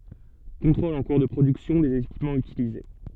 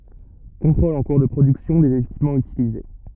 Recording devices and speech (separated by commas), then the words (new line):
soft in-ear microphone, rigid in-ear microphone, read sentence
Contrôles en cours de production des équipements utilisés.